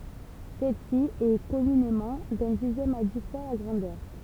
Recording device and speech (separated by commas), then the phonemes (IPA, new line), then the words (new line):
temple vibration pickup, read sentence
sɛlsi ɛ kɔmynemɑ̃ dœ̃ dizjɛm a di fwa la ɡʁɑ̃dœʁ
Celle-ci est, communément, d'un dixième à dix fois la grandeur.